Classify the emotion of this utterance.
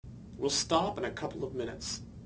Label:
neutral